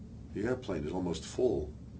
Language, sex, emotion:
English
male
neutral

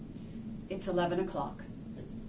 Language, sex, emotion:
English
female
neutral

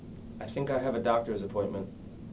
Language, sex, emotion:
English
male
neutral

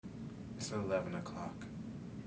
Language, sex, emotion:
English
male
neutral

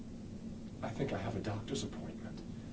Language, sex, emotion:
English
male
fearful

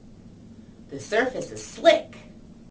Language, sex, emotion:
English
female
happy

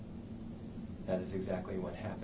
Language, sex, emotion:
English
male
neutral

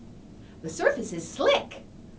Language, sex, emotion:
English
female
happy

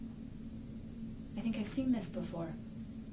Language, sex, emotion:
English
female
neutral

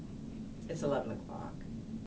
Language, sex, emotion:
English
female
neutral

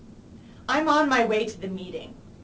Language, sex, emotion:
English
female
angry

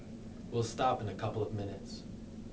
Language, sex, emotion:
English
male
neutral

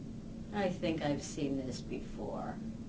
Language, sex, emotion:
English
female
disgusted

